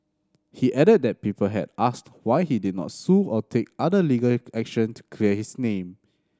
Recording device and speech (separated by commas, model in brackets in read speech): standing microphone (AKG C214), read sentence